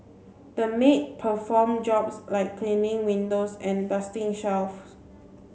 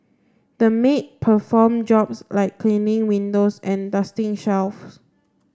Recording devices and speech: mobile phone (Samsung C7), standing microphone (AKG C214), read sentence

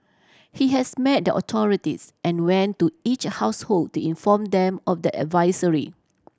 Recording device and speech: standing microphone (AKG C214), read sentence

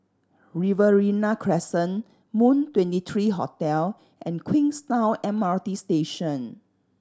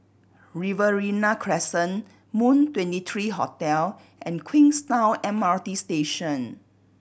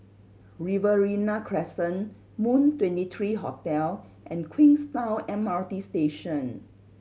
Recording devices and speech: standing microphone (AKG C214), boundary microphone (BM630), mobile phone (Samsung C7100), read sentence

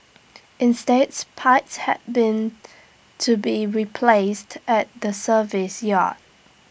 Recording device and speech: boundary microphone (BM630), read sentence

